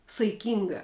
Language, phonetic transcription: Lithuanian, saiˈkinga

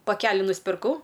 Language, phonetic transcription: Lithuanian, paˈkeli nuspirˈkau

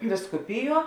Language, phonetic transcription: Lithuanian, viskuˈpiˌjuo

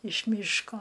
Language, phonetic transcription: Lithuanian, iš ˈmyško

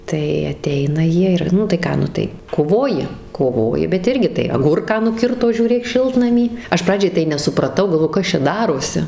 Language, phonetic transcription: Lithuanian, tai aˈteina ˈjie ˈir nu tai ˈką ˈnu tai koˈvoji koˈvoji bet ˈirgi tai aˈgurką nuˈkirto žiūˈrėk ˈšiltnamy ˈaš ˈpradžiai tai nesupraˈtau galˈvojau ˈkas čia ˈdarosi

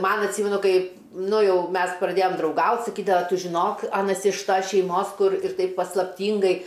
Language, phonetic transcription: Lithuanian, ˈman atˈsymenu ˈkai ˈnu ˈjau ˈmes praˈdėjom drauˈgaut' saˈkydava ˈtu žiˈnok ˈanas iš ˈtas šeiˈmos ˈkur ir ˈtaip paslapˈtyngai

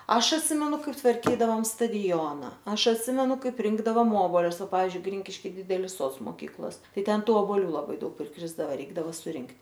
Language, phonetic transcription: Lithuanian, ˈaš atˈsimenu ˈkaip tvarˈkydavom staˈdiona ˈaš atˈsimenu ˈkaip ˈrinkdavom ˈobolius ˈpavizdžiui ˈgrinkiški ˈdidelis ˈsods moˈkyklos ˈtai ˈten ˈtų oboˈlių laˈbai ˈdaug prikrisdava ˈreikdava suˈrinkt'

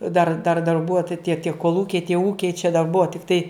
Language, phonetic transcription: Lithuanian, dar dar darˈbua ta tie tie kolˈūkiai tie ˈūkiai čia dar ˈbua tikˈtai

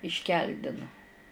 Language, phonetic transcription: Lithuanian, išˈkeldinu

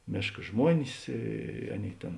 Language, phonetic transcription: Lithuanian, ˈmėška ˈžmuonis ˈy ˈaˌnėi ˈtėn

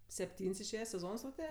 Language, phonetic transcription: Lithuanian, sepˈtyn's' išˈėje seˈzons tau ˈtė

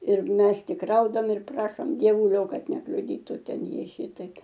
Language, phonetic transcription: Lithuanian, ir ˈmes ˈtik ˈraudam ir ˈprašom dieˈvulio ˈkad nekliuˈdytu ˈten ˈjie ˈšytaip

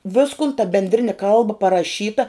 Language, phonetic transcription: Lithuanian, ˈviskon ta bendˈrini ˈkalba paraˈšyta

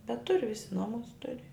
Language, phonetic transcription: Lithuanian, bet ˈturi ˈvisi ˈnomus ˈturi

